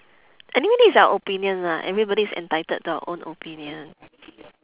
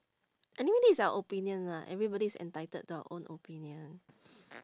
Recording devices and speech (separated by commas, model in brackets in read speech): telephone, standing microphone, conversation in separate rooms